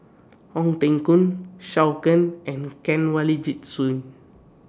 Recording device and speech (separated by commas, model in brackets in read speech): standing microphone (AKG C214), read sentence